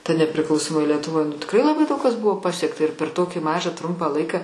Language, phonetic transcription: Lithuanian, ta nepriˈklausomoj lietuˈvoj nu tikˈrai laˈbai ˈdaug kas ˈbuvo ˈpasiekta ir per ˈtokį ˈmažą ˈtrumpą ˈlaiką

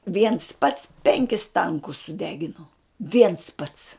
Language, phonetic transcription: Lithuanian, viens pats ˈpenkis ˈtankus suˈdegino ˈviens ˈpats

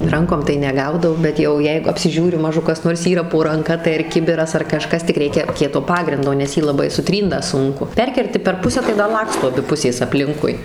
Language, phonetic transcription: Lithuanian, ˈrankom tai neˈgaudau bet ˈjau ˈjeigu apsiˈžiūriu ˈmažu kas ˈnors ˈyra po ranˈka tai ir ˈkibiras ar kaˈžkas tik ˈreikia ˈkieto ˈpagrindo nes ˈjį laˈbai suˈtrynt da ˈsunku ˈperkerti per ˈpusę tai da ˈlaksto aˈbi ˈpusės apˈlinkui

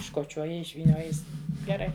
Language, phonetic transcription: Lithuanian, iškoˈčioji išvyˈnioji ˈjis geˈrai

